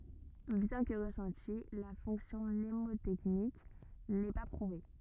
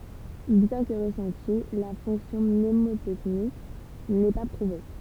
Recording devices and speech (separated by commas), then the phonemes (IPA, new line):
rigid in-ear microphone, temple vibration pickup, read sentence
bjɛ̃ kə ʁəsɑ̃ti la fɔ̃ksjɔ̃ mnemotɛknik nɛ pa pʁuve